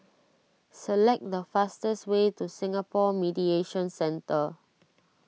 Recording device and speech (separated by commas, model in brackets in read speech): mobile phone (iPhone 6), read sentence